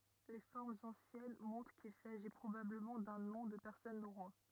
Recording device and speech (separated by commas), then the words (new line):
rigid in-ear microphone, read sentence
Les formes anciennes montrent qu'il s'agit probablement d'un nom de personne norrois.